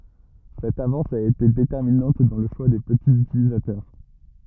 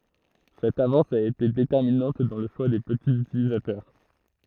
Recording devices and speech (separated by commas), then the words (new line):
rigid in-ear microphone, throat microphone, read sentence
Cette avance a été déterminante dans le choix des petits utilisateurs.